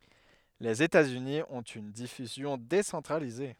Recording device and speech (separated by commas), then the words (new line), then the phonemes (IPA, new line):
headset microphone, read sentence
Les États-Unis ont une diffusion décentralisée.
lez etatsyni ɔ̃t yn difyzjɔ̃ desɑ̃tʁalize